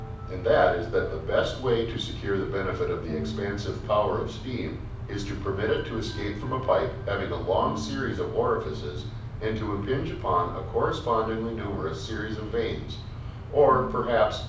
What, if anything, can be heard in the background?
Music.